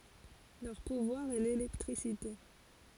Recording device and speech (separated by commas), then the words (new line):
forehead accelerometer, read sentence
Leur pouvoir est l'électricité.